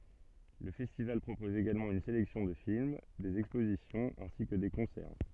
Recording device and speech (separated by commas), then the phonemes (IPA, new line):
soft in-ear microphone, read sentence
lə fɛstival pʁopɔz eɡalmɑ̃ yn selɛksjɔ̃ də film dez ɛkspozisjɔ̃z ɛ̃si kə de kɔ̃sɛʁ